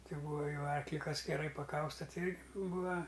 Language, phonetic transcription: Lithuanian, ˈti ˈbūa ˈjau ˈarkli ˈkas geˈrai paˈkausta ˈti ˈirgi ˈbūa

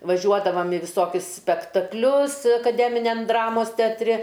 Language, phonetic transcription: Lithuanian, vaˈžiuodavam i viˈsokius spektakˈlius akaˈdeminiam ˈdramos teatˈri

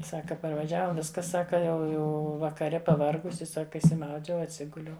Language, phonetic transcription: Lithuanian, ˈsaka parvaˈžiava ˈviska ˈsaka ˈjau ˈjau vakaˈre paˈvargusi ˈsaka išsiˈmaudžiau atˈsiguliau

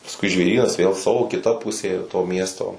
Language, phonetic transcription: Lithuanian, pasˈkui žvėˈrynas ˈvėl ˈsavo kiˈta ˈpusė to ˈmiesto

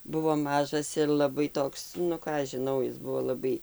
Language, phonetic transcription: Lithuanian, ˈbuvo ˈmažas ir laˈbai ˈtoks nu ˈką aš žiˈnau ˈis ˈbuvo laˈbai

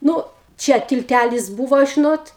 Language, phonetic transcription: Lithuanian, ˈnu ˈčia tilˈtælis ˈbūvo žiˈnot

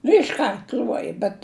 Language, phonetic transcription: Lithuanian, išˈkart ˈl'uoja bet

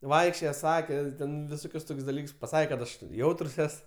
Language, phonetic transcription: Lithuanian, ˈvaikščioje ˈsake ˈten viˈsokius ˈtok's' daˈlyks paˈsake kad ˈaš ˈjautrs ˈes

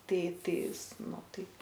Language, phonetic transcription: Lithuanian, ˈtai ˈtais ˈnu ˈtaip

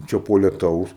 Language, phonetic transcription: Lithuanian, ˈčia po leˈtaus

